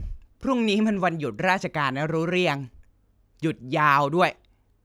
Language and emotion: Thai, frustrated